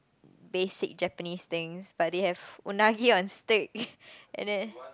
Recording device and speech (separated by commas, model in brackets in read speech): close-talking microphone, conversation in the same room